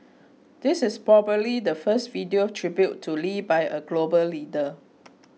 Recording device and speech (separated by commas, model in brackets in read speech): mobile phone (iPhone 6), read sentence